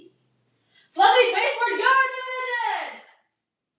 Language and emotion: English, happy